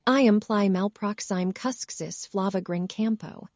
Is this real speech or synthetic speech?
synthetic